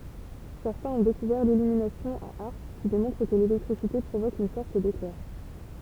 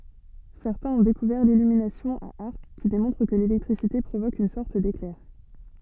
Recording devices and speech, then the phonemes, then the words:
temple vibration pickup, soft in-ear microphone, read sentence
sɛʁtɛ̃z ɔ̃ dekuvɛʁ lilyminasjɔ̃ a aʁk ki demɔ̃tʁ kə lelɛktʁisite pʁovok yn sɔʁt deklɛʁ
Certains ont découvert l'illumination à arc qui démontre que l'électricité provoque une sorte d'éclair.

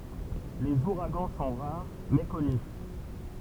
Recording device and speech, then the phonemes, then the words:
temple vibration pickup, read sentence
lez uʁaɡɑ̃ sɔ̃ ʁaʁ mɛ kɔny
Les ouragans sont rares, mais connus.

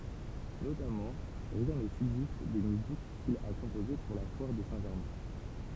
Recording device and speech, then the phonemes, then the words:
temple vibration pickup, read sentence
notamɑ̃ ʁjɛ̃ nə sybzist de myzik kil a kɔ̃poze puʁ la fwaʁ də sɛ̃ ʒɛʁmɛ̃
Notamment, rien ne subsiste des musiques qu'il a composées pour la foire de Saint-Germain.

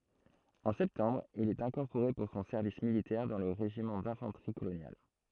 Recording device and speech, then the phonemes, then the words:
throat microphone, read sentence
ɑ̃ sɛptɑ̃bʁ il ɛt ɛ̃kɔʁpoʁe puʁ sɔ̃ sɛʁvis militɛʁ dɑ̃ lə ʁeʒimɑ̃ dɛ̃fɑ̃tʁi kolonjal
En septembre, il est incorporé pour son service militaire dans le régiment d'infanterie coloniale.

